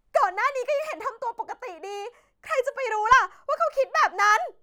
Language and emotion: Thai, angry